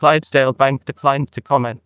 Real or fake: fake